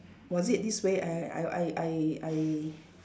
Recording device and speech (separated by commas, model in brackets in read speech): standing microphone, conversation in separate rooms